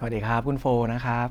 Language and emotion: Thai, neutral